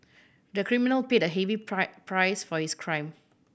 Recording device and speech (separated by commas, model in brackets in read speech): boundary microphone (BM630), read sentence